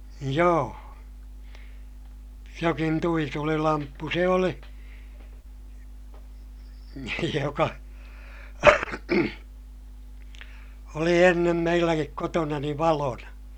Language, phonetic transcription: Finnish, joo , jokin tuitulilamppu se oli , joka , oli ennem meilläkik kotonani valona .
- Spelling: joo jokin tuitulilamppu se oli joka oli ennen meilläkin kotonani valona

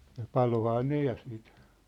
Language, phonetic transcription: Finnish, ja "palohaa 'ne ja siit ,.
- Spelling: ja paloihan ne ja sitten

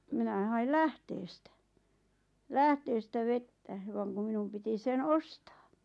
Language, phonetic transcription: Finnish, minä 'hail "lähteestä , "lähteestä "vettä , vaŋ kuᵐ 'minum piti 'sen "ostaa .
- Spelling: minä hain lähteestä lähteestä vettä vaan kun minun piti sen ostaa

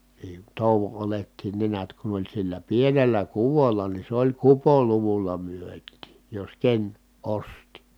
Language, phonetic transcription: Finnish, nii , tòuvo olettiin ne niät kun ‿oĺ sillä pienellä kuvolla ni se ‿oĺ kupoluvulla myöt̆tiij jos ken , osti .
- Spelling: niin touon oljetkin ne näet kun oli sillä pienellä kuvolla niin se oli kupoluvulla myytiin jos ken osti

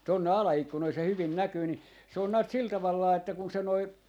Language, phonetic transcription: Finnish, tonne "ala₍ikkunoi se hyvin 'näkyy ni , se on näät 'sil taval vaa että kun 'se noi ,.
- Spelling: tuonne alaikkunoihin se hyvin näkyy niin se on näet sillä tavalla vain että kun se nuo

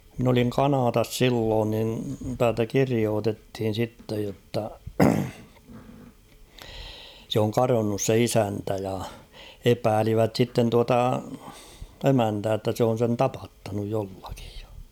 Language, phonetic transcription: Finnish, min ‿oliŋ "Kanaatas "silloon nin 'täältä "kiriootethin̬ 'sittej jotta , sᵉ ‿oŋ 'karonnus se "isäntä ja , 'epäälivät sitten 'tuata , "emäntää ‿ttä se on̬ sen "tapattanuj 'jollakɪᴊ ᴊᴀ .
- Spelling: minä olin Kanadassa silloin niin täältä kirjoitettiin sitten jotta se on kadonnut se isäntä ja epäilivät sitten tuota emäntää että se on sen tapattanut jollakin ja

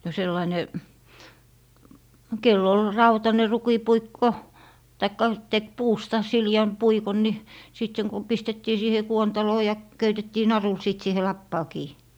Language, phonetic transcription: Finnish, no 'sellaⁱne , 'kell ‿ol 'rautane "rukipuikko , taikka tek 'puusta , 'sili₍äm 'puikon ni , sit seŋ kum 'pistettii siihe 'kuontaloo ja , 'köytettii "narul sit siihe 'lappaa kii .
- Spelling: no sellainen kenellä oli rautainen rukinpuikko tai teki puusta sileän puikon niin sitten sen kun pistettiin siihen kuontaloon ja köytettiin narulla sitten siihen lapaan kiinni

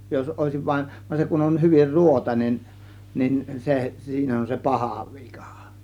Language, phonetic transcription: Finnish, jos 'òėsiv vain , van 'se kun on 'hyvir "ruotainen , nin se , 'siin ‿on se "pahà "vIkÀ .
- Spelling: jos olisi vain vaan se kun on hyvin ruotoinen niin se siinä on se paha vika

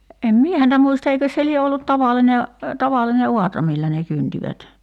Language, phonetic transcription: Finnish, em "mie häntä 'muista eikös se 'lie ollut 'tavaline , 'tavalline "uatra millä ne 'kyntivät .
- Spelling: en minä häntä muista eikös se lie ollut tavallinen tavallinen aura millä ne kyntivät

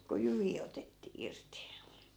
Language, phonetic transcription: Finnish, ku "jyvii otettii 'irti .
- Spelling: kun jyviä otettiin irti

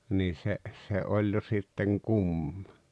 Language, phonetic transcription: Finnish, nii 'se , se 'oĺ jo sitteŋ "kumma .
- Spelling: niin se se oli jo sitten kumma

